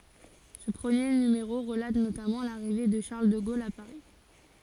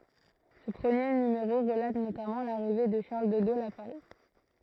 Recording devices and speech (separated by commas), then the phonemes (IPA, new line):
forehead accelerometer, throat microphone, read sentence
sə pʁəmje nymeʁo ʁəlat notamɑ̃ laʁive də ʃaʁl də ɡol a paʁi